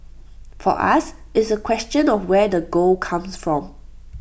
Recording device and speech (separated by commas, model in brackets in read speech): boundary microphone (BM630), read sentence